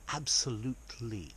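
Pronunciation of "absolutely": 'absolutely' is not said the posh way here: the final y sound is not cut short.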